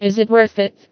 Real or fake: fake